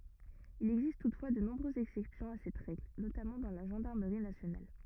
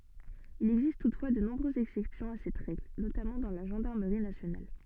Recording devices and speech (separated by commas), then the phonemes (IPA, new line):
rigid in-ear microphone, soft in-ear microphone, read sentence
il ɛɡzist tutfwa də nɔ̃bʁøzz ɛksɛpsjɔ̃ a sɛt ʁɛɡl notamɑ̃ dɑ̃ la ʒɑ̃daʁməʁi nasjonal